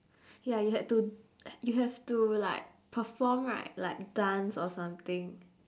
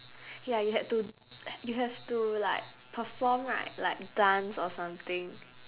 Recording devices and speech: standing microphone, telephone, conversation in separate rooms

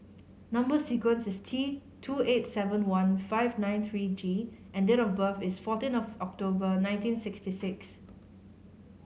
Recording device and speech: mobile phone (Samsung C5010), read sentence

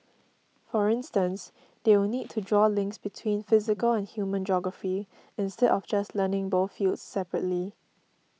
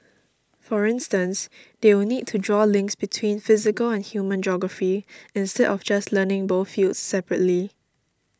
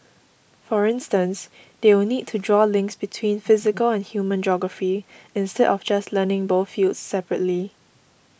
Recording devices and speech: mobile phone (iPhone 6), standing microphone (AKG C214), boundary microphone (BM630), read sentence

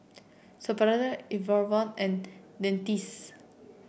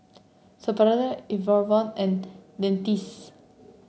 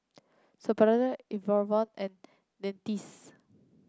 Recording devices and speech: boundary microphone (BM630), mobile phone (Samsung C7), close-talking microphone (WH30), read sentence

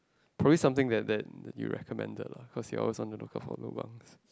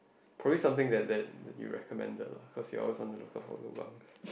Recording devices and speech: close-talking microphone, boundary microphone, conversation in the same room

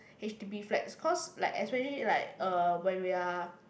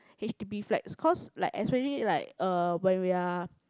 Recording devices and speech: boundary microphone, close-talking microphone, conversation in the same room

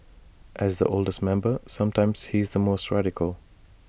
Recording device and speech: boundary microphone (BM630), read sentence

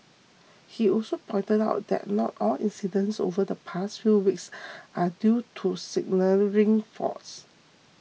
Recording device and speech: mobile phone (iPhone 6), read sentence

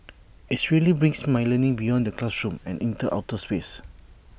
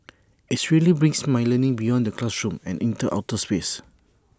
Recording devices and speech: boundary microphone (BM630), standing microphone (AKG C214), read sentence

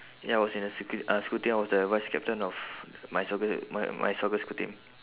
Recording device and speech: telephone, conversation in separate rooms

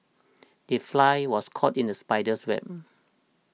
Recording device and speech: mobile phone (iPhone 6), read sentence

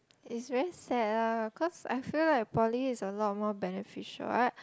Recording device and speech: close-talking microphone, conversation in the same room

